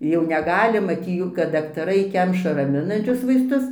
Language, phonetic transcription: Lithuanian, jau neˈgali ˈmati ˈjų kad daktaˈrai ˈkemša raˈminančius vaisˈtus

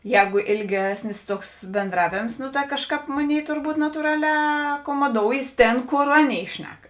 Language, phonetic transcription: Lithuanian, ˈjēgu ilˈgesnis ˈtuoks benˈdravėms nu ta ˈkažˌkāp ˈmoˌnėi turˈbūt natūˈraˌlē akomoˈdoujės ˈtėn ˈkor ˈaˌnėi ˈšnek

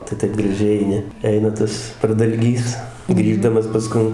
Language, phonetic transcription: Lithuanian, tai ˈtaip graˈžiai eiˈni ˈeina ˈtas pradalˈgys ˈgrįždamas paˈskun

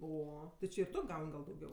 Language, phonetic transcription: Lithuanian, ˈo ti ˈči ir ˈtu ˈgaun' gal dauˈgiau

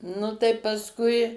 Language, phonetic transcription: Lithuanian, ˈnu tai pasˈkui

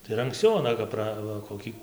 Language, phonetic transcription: Lithuanian, tai ir anksˈciau aˈna kap ˈpra va koˈkį

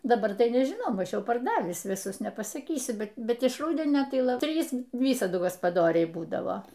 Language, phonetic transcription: Lithuanian, daˈbar tai nežiˈnau ˈmaž ˈjau parˈdavįs viˈsus nepasaˈkysiu bet iš ˈrūdenio tai ˈla ˈtrys ˈvysadu gaspaˈdoriai ˈbūdavo

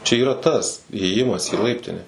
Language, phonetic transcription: Lithuanian, čia yˈra tas įėˈjimas į ˈlaiptine

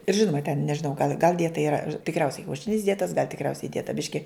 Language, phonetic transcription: Lithuanian, ir ˈžinuma ten nežiˈnau gal gal tai iˈra tikˈriausiai kiauˈšinis ˈdietas gal' tikˈriausiai ˈdieta ˈbiški

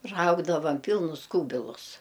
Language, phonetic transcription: Lithuanian, ˈraugdavam ˈpylnus ˈkūbilus

